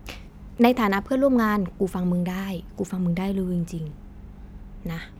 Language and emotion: Thai, neutral